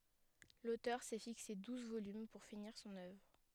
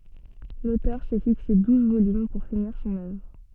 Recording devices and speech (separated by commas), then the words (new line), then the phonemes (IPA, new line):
headset microphone, soft in-ear microphone, read sentence
L'auteur s'est fixé douze volumes pour finir son œuvre.
lotœʁ sɛ fikse duz volym puʁ finiʁ sɔ̃n œvʁ